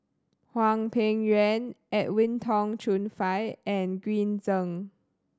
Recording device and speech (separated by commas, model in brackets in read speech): standing microphone (AKG C214), read sentence